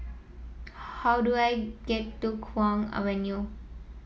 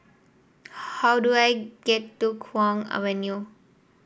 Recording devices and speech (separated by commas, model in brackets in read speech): mobile phone (iPhone 7), boundary microphone (BM630), read sentence